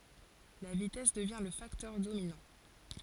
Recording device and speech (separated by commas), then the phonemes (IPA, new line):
forehead accelerometer, read sentence
la vitɛs dəvjɛ̃ lə faktœʁ dominɑ̃